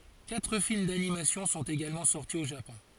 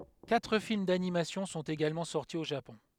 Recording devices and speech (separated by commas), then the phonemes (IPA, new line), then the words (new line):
forehead accelerometer, headset microphone, read sentence
katʁ film danimasjɔ̃ sɔ̃t eɡalmɑ̃ sɔʁti o ʒapɔ̃
Quatre films d’animation sont également sortis au Japon.